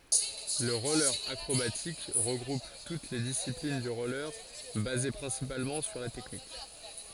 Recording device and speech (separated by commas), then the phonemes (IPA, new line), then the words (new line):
forehead accelerometer, read sentence
lə ʁɔle akʁobatik ʁəɡʁup tut le disiplin dy ʁɔle baze pʁɛ̃sipalmɑ̃ syʁ la tɛknik
Le roller acrobatique regroupe toutes les disciplines du roller basées principalement sur la technique.